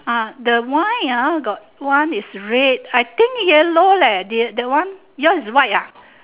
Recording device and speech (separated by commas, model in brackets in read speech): telephone, conversation in separate rooms